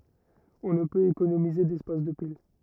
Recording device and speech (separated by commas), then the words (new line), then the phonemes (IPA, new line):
rigid in-ear microphone, read sentence
On ne peut économiser d'espace de pile.
ɔ̃ nə pøt ekonomize dɛspas də pil